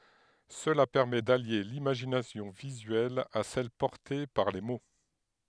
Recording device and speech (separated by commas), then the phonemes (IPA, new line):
headset microphone, read sentence
səla pɛʁmɛ dalje limaʒinasjɔ̃ vizyɛl a sɛl pɔʁte paʁ le mo